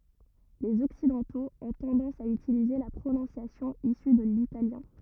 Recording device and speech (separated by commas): rigid in-ear microphone, read sentence